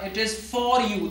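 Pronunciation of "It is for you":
'It is for you' is pronounced incorrectly here.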